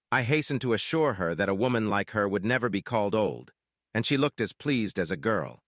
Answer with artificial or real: artificial